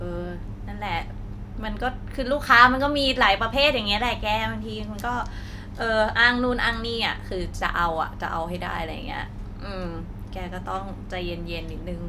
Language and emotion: Thai, frustrated